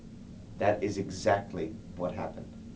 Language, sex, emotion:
English, male, angry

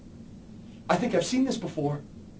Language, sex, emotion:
English, male, fearful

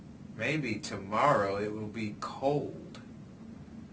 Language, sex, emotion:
English, male, neutral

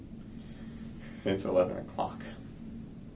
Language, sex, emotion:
English, male, fearful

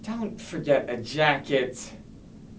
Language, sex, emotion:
English, male, disgusted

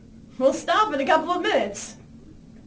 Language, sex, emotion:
English, female, happy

